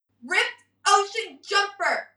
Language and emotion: English, angry